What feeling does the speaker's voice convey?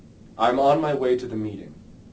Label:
neutral